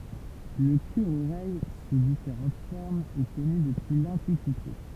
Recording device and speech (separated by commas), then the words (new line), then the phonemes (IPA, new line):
temple vibration pickup, read sentence
Le cure-oreille, sous différentes formes, est connu depuis l'Antiquité.
lə kyʁəoʁɛj su difeʁɑ̃t fɔʁmz ɛ kɔny dəpyi lɑ̃tikite